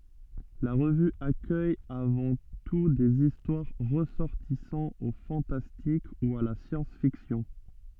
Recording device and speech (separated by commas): soft in-ear microphone, read sentence